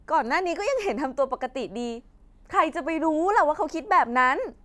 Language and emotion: Thai, frustrated